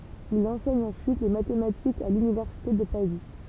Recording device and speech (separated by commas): temple vibration pickup, read sentence